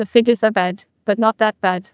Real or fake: fake